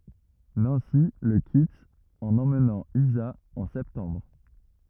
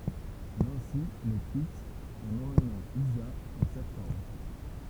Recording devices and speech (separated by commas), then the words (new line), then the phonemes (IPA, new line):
rigid in-ear microphone, temple vibration pickup, read sentence
Nancy le quitte en emmenant Isa en septembre.
nɑ̃si lə kit ɑ̃n ɑ̃mnɑ̃ iza ɑ̃ sɛptɑ̃bʁ